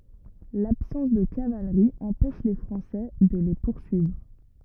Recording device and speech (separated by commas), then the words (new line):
rigid in-ear microphone, read sentence
L’absence de cavalerie empêche les Français de les poursuivre.